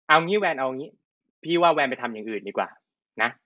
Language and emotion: Thai, frustrated